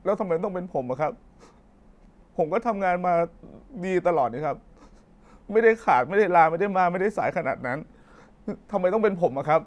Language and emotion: Thai, sad